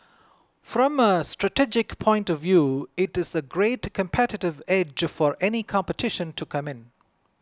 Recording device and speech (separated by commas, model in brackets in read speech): close-talking microphone (WH20), read sentence